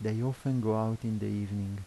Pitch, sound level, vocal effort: 110 Hz, 79 dB SPL, soft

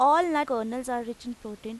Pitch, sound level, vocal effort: 245 Hz, 91 dB SPL, loud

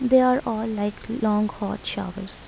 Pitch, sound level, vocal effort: 215 Hz, 78 dB SPL, soft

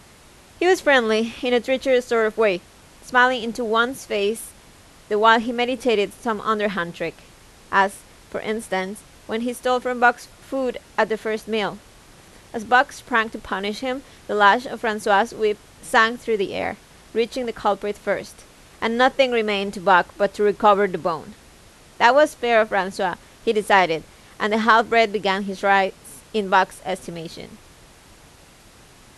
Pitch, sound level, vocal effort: 220 Hz, 88 dB SPL, loud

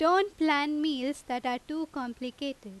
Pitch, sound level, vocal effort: 280 Hz, 91 dB SPL, very loud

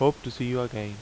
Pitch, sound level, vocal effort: 125 Hz, 83 dB SPL, normal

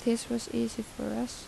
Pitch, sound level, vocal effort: 235 Hz, 79 dB SPL, soft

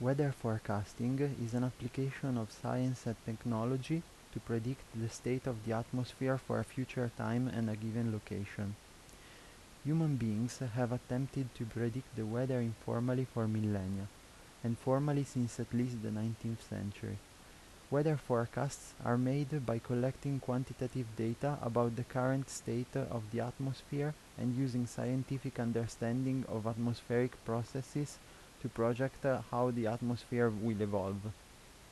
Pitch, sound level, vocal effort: 120 Hz, 80 dB SPL, soft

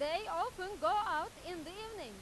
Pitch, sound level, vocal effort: 350 Hz, 103 dB SPL, very loud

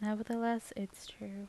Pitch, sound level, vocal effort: 215 Hz, 78 dB SPL, soft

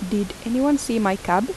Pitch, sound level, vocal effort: 230 Hz, 80 dB SPL, soft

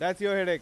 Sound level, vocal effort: 101 dB SPL, loud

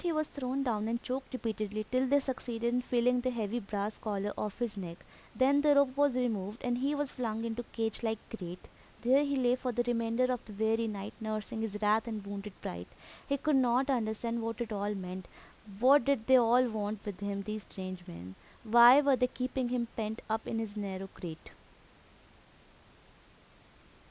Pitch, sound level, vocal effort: 230 Hz, 83 dB SPL, normal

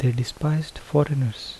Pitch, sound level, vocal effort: 145 Hz, 73 dB SPL, soft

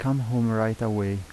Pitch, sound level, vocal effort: 110 Hz, 82 dB SPL, soft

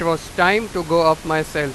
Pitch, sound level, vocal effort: 165 Hz, 98 dB SPL, very loud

